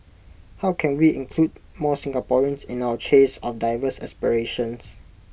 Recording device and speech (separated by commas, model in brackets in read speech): boundary microphone (BM630), read sentence